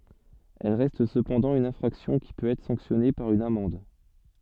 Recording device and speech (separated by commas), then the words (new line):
soft in-ear microphone, read sentence
Elles restent cependant une infraction qui peut être sanctionnée par une amende.